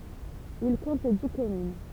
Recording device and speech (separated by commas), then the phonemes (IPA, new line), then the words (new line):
temple vibration pickup, read sentence
il kɔ̃t di kɔmyn
Il compte dix communes.